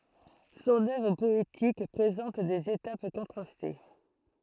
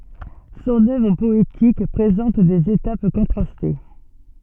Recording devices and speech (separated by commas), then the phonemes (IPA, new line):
throat microphone, soft in-ear microphone, read sentence
sɔ̃n œvʁ pɔetik pʁezɑ̃t dez etap kɔ̃tʁaste